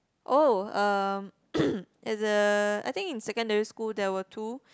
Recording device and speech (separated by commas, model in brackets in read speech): close-talking microphone, conversation in the same room